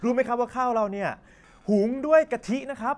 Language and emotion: Thai, happy